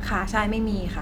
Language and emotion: Thai, neutral